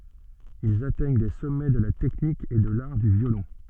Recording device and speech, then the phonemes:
soft in-ear microphone, read sentence
ilz atɛɲ de sɔmɛ də la tɛknik e də laʁ dy vjolɔ̃

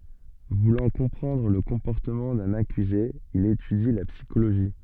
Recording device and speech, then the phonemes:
soft in-ear microphone, read sentence
vulɑ̃ kɔ̃pʁɑ̃dʁ lə kɔ̃pɔʁtəmɑ̃ dœ̃n akyze il etydi la psikoloʒi

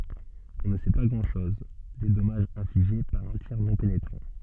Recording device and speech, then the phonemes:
soft in-ear microphone, read sentence
ɔ̃ nə sɛ pa ɡʁɑ̃dʃɔz de dɔmaʒz ɛ̃fliʒe paʁ œ̃ tiʁ nɔ̃ penetʁɑ̃

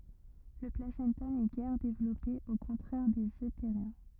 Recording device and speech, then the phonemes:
rigid in-ear microphone, read sentence
lə plasɑ̃ta nɛ ɡɛʁ devlɔpe o kɔ̃tʁɛʁ dez øteʁjɛ̃

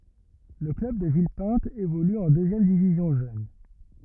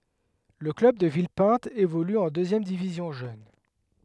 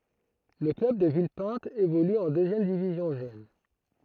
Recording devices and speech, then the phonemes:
rigid in-ear microphone, headset microphone, throat microphone, read sentence
lə klœb də vilpɛ̃t evoly ɑ̃ døzjɛm divizjɔ̃ ʒøn

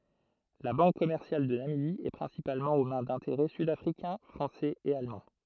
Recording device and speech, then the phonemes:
throat microphone, read sentence
la bɑ̃k kɔmɛʁsjal də namibi ɛ pʁɛ̃sipalmɑ̃ o mɛ̃ dɛ̃teʁɛ sydafʁikɛ̃ fʁɑ̃sɛz e almɑ̃

